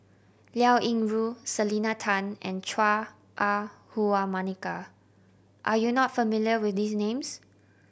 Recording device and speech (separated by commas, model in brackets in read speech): boundary microphone (BM630), read sentence